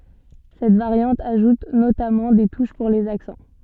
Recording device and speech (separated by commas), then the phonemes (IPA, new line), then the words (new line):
soft in-ear microphone, read sentence
sɛt vaʁjɑ̃t aʒut notamɑ̃ de tuʃ puʁ lez aksɑ̃
Cette variante ajoute notamment des touches pour les accents.